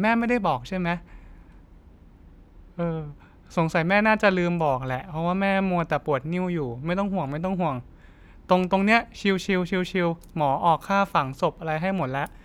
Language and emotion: Thai, neutral